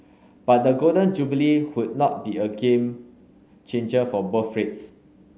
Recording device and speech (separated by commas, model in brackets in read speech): mobile phone (Samsung S8), read sentence